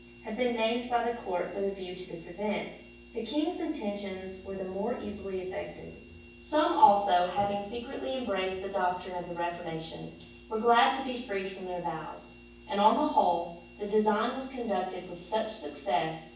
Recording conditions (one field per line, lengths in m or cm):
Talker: one person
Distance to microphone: 9.8 m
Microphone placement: far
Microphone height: 1.8 m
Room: large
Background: none